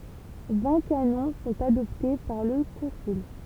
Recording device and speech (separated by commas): temple vibration pickup, read sentence